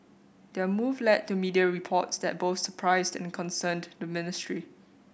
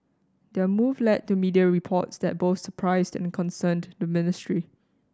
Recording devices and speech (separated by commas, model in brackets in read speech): boundary microphone (BM630), standing microphone (AKG C214), read sentence